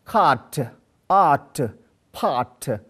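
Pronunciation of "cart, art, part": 'Cart', 'art' and 'part' are pronounced incorrectly here: the r is sounded before the t.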